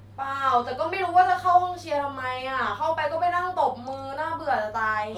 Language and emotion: Thai, frustrated